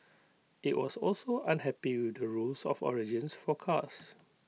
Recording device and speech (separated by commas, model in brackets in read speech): mobile phone (iPhone 6), read sentence